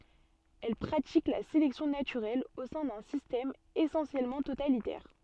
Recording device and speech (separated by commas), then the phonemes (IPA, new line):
soft in-ear microphone, read sentence
ɛl pʁatik la selɛksjɔ̃ natyʁɛl o sɛ̃ dœ̃ sistɛm esɑ̃sjɛlmɑ̃ totalitɛʁ